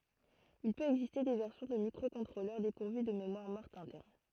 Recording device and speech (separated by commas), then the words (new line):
throat microphone, read sentence
Il peut exister des versions de microcontrôleurs dépourvus de mémoire morte interne.